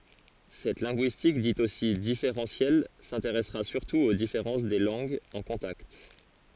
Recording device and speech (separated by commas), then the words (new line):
forehead accelerometer, read sentence
Cette linguistique dite aussi différentielle s'intéressera surtout aux différences des langues en contact.